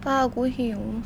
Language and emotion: Thai, sad